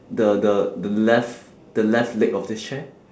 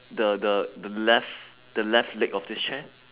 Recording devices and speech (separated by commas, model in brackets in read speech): standing microphone, telephone, conversation in separate rooms